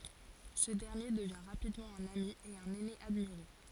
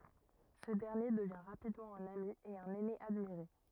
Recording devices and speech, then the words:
forehead accelerometer, rigid in-ear microphone, read sentence
Ce dernier devient rapidement un ami et un aîné admiré.

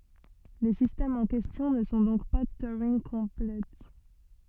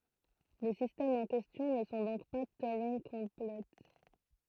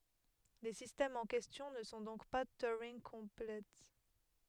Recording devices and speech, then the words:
soft in-ear microphone, throat microphone, headset microphone, read sentence
Les systèmes en question ne sont donc pas Turing-complets.

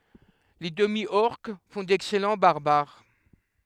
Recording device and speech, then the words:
headset microphone, read sentence
Les Demi-Orques font d'excellent Barbares.

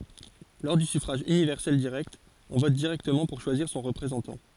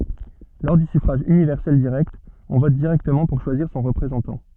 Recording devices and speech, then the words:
forehead accelerometer, soft in-ear microphone, read sentence
Lors du suffrage universel direct, on vote directement pour choisir son représentant.

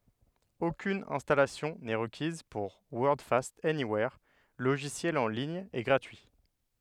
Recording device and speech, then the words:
headset microphone, read sentence
Aucune installation n'est requise pour Wordfast Anywhere, logiciel en ligne et gratuit.

